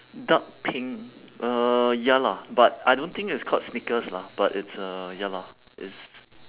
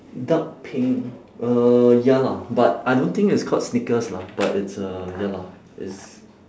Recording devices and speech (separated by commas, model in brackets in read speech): telephone, standing microphone, conversation in separate rooms